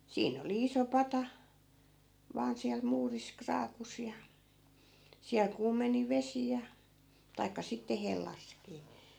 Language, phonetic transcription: Finnish, 'siin ‿oli 'iso "pata , 'vaan siäl 'muuris 'kraakus ja , 'siäl kuumeni "vesi ja , 'taikka sitte 'hellaskii .
- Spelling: siinä oli iso pata vain siellä muurissa kraakussa ja siellä kuumeni vesi ja tai sitten hellassakin

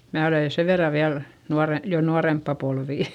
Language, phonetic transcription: Finnish, mää olè sev verra viäl , nuare- , jo nuaremppa polvì .
- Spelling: minä olen sen verran vielä - jo nuorempaa polvea

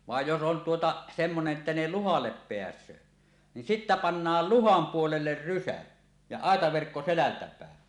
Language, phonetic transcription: Finnish, 'vàej jos 'on 'tuota , "semmone’ ’että ne "luhallep 'peäs̀öö , nin "sittä 'pannaal "luham 'puoleller "rysä , ja "àetaverkko 'selältä pä̀en .
- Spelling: vaan jos on tuota semmoinen että ne luhalle pääsee niin sitten pannaan luhan puolelle rysä ja aitaverkko selältä päin

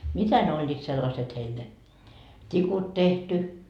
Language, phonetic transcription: Finnish, "mitä ne 'oĺĺiit sellaset heil ne , 't́ikut 'tehty .
- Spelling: mitä ne olivat sellaiset heillä ne tikut tehty

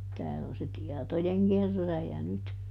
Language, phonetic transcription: Finnish, ˈtääl ‿on se "tiɛtojeŋkerrääjä nyt .
- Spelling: täällä on se tietojenkerääjä nyt

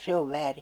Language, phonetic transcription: Finnish, 'se ov "vääri !
- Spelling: se on väärin

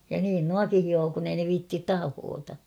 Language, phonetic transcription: Finnish, ja niin "nuaki 'hioo kun ‿ei ne 'viittit "tahoota .
- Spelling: ja niin nuokin hiovat kun ei ne viitsi tahkota

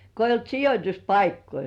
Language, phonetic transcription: Finnish, ko eijj ‿'olt "sijot́uspaikkoi .
- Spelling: kun ei ollut sijoituspaikkoja

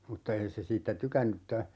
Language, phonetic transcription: Finnish, 'mutta "ei se 'siittä "tykänny ‿tta ,.
- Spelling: mutta ei se siitä tykännyt mutta

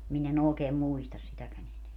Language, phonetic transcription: Finnish, 'min ‿e'n ‿ookee "muistas 'sitäkän ‿eneä .
- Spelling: minä en oikein muista sitäkään enää

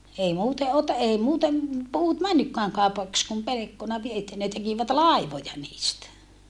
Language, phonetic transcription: Finnish, ei muute ote- , ei muutem , puut männykkääŋ kàupaks kum pelekkona vie - että ne tekivät làivoja niistä .
- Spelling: ei muuten - ei muuten puut mennytkään kaupaksi kuin pelkkona - että ne tekivät laivoja niistä

